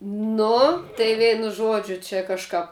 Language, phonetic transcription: Lithuanian, ˈnu tai ˈveinu ˈžuodžiu čia kažˈkap

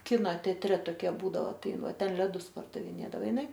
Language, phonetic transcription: Lithuanian, ˈkino teatˈre toˈkie ˈbūdavo ˈtai ˈin ˈva ˈten leˈdus pardaviˈnėdavo iˈnai

